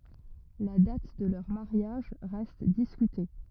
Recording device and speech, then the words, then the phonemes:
rigid in-ear microphone, read sentence
La date de leur mariage reste discutée.
la dat də lœʁ maʁjaʒ ʁɛst diskyte

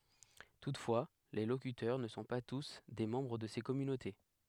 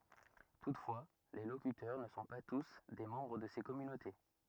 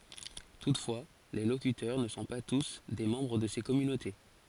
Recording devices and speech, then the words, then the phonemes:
headset microphone, rigid in-ear microphone, forehead accelerometer, read sentence
Toutefois, les locuteurs ne sont pas tous des membres de ces communautés.
tutfwa le lokytœʁ nə sɔ̃ pa tus de mɑ̃bʁ də se kɔmynote

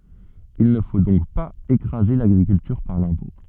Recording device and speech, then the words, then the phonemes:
soft in-ear microphone, read sentence
Il ne faut donc pas écraser l'agriculture par l'impôt.
il nə fo dɔ̃k paz ekʁaze laɡʁikyltyʁ paʁ lɛ̃pɔ̃

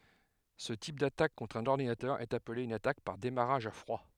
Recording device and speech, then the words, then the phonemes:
headset microphone, read sentence
Ce type d'attaque contre un ordinateur est appelé une attaque par démarrage à froid.
sə tip datak kɔ̃tʁ œ̃n ɔʁdinatœʁ ɛt aple yn atak paʁ demaʁaʒ a fʁwa

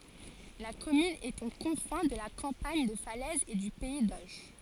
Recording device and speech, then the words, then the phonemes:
forehead accelerometer, read sentence
La commune est aux confins de la campagne de Falaise et du pays d'Auge.
la kɔmyn ɛt o kɔ̃fɛ̃ də la kɑ̃paɲ də falɛz e dy pɛi doʒ

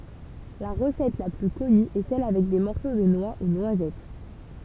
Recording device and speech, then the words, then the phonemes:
temple vibration pickup, read sentence
La recette la plus connue est celle avec des morceaux de noix ou noisettes.
la ʁəsɛt la ply kɔny ɛ sɛl avɛk de mɔʁso də nwa u nwazɛt

